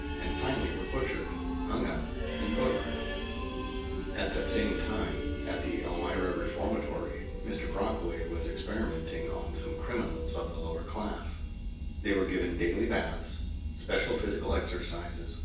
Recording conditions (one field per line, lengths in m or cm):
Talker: one person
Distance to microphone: 9.8 m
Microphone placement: far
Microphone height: 1.8 m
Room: large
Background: music